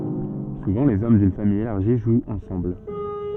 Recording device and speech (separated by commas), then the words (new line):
soft in-ear microphone, read sentence
Souvent les hommes d'une famille élargie jouent ensemble.